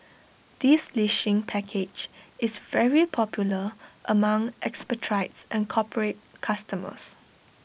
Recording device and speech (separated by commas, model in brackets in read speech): boundary microphone (BM630), read sentence